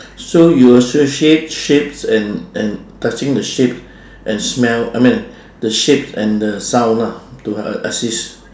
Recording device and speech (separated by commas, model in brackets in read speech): standing microphone, conversation in separate rooms